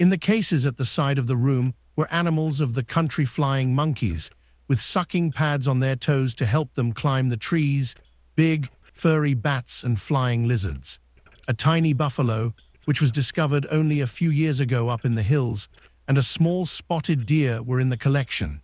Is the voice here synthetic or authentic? synthetic